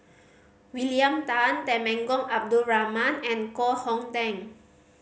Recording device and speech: mobile phone (Samsung C5010), read sentence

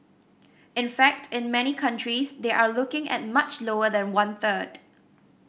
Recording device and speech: boundary microphone (BM630), read sentence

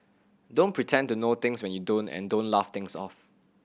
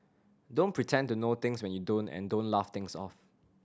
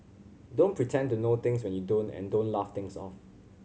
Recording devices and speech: boundary microphone (BM630), standing microphone (AKG C214), mobile phone (Samsung C7100), read sentence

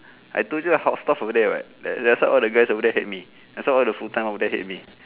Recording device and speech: telephone, conversation in separate rooms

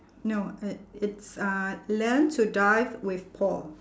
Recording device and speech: standing microphone, conversation in separate rooms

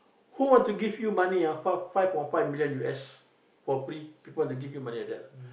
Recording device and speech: boundary microphone, conversation in the same room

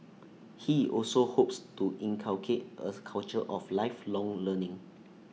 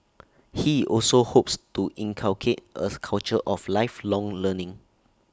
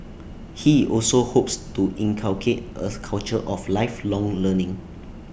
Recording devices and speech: mobile phone (iPhone 6), standing microphone (AKG C214), boundary microphone (BM630), read sentence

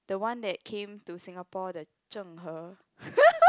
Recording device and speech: close-talking microphone, conversation in the same room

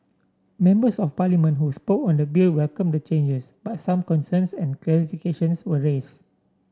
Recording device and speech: standing microphone (AKG C214), read sentence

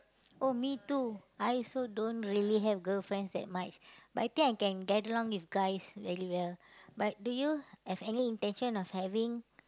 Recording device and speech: close-talking microphone, conversation in the same room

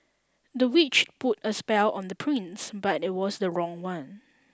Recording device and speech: standing microphone (AKG C214), read sentence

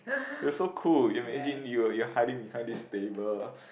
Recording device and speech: boundary microphone, conversation in the same room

